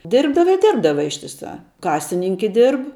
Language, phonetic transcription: Lithuanian, ˈdirbdava i ˈdirbdava ištiˈsā ˈkasininke ˈdirb

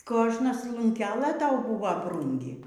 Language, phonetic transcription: Lithuanian, ˈkožnas lunˈkelɘ ˈtau ˈbuva ˈbrūngi

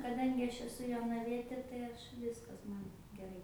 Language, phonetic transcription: Lithuanian, kaˈdangi ˈaš eˈsu jonaˈvietė tai ˈaš ˈviskas ˈman geˈrai

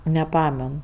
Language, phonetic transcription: Lithuanian, neˈpamen

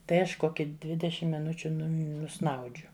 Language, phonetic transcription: Lithuanian, ˈtai ˈaš ˈkoki ˈdvidešim miˈnučiu ˈnum nuˈsnaudžiu

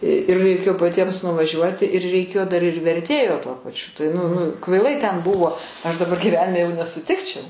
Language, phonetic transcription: Lithuanian, ir raiˈkėjo paˈtiems nuvaˈžiuoti ir reiˈkėjo ˈdar ir verˈtėjo tuo paˈčiu tai nu nu kvaiˈlai ten ˈbuvo ˈaš daˈbar gyˈvenime jau nesuˈtikčiau

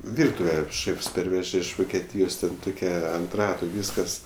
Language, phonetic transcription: Lithuanian, ˈvirtuve ˈšėfs ˈperveže iš vokeˈtyjos ˈten ˈtokia ant ˈratu ˈvyskas

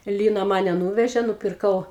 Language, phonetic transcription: Lithuanian, ˈlyna ˈmane ˈnūvežė nupirˈkau

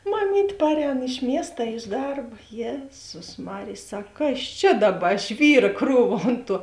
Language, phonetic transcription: Lithuanian, maˈmyt' ˈparˌēn iš ˈmiest a iš ˈdarb ˈjėzus ˈmarėj ˈsak ˈkas ˈčia ˈdaˌba ˈžvyra ˈkrūva ˈont ˌtuo

